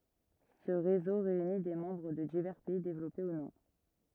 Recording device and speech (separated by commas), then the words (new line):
rigid in-ear microphone, read sentence
Ce réseau réunit des membres de divers pays développés ou non.